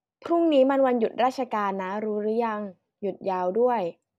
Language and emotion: Thai, neutral